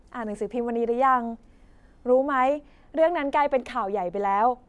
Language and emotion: Thai, neutral